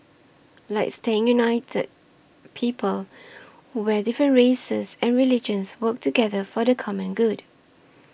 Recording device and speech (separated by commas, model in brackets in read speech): boundary microphone (BM630), read sentence